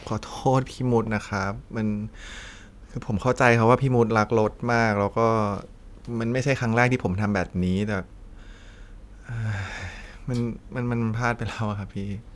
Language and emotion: Thai, sad